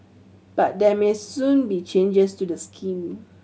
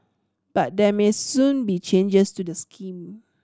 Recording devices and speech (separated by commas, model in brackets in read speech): mobile phone (Samsung C7100), standing microphone (AKG C214), read sentence